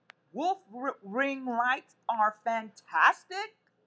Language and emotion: English, angry